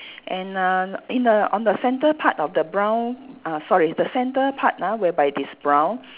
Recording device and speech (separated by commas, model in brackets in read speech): telephone, conversation in separate rooms